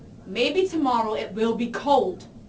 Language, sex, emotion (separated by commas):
English, female, angry